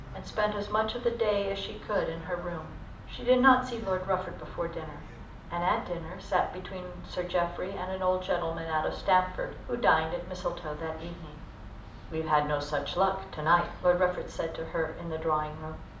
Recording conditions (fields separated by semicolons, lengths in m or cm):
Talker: one person; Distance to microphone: 2.0 m; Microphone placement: close; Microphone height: 99 cm; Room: medium-sized (5.7 m by 4.0 m); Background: television